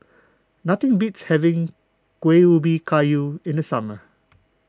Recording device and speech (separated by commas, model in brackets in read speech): close-talking microphone (WH20), read sentence